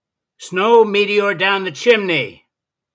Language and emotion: English, disgusted